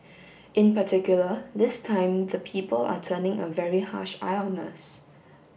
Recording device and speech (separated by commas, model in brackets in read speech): boundary microphone (BM630), read sentence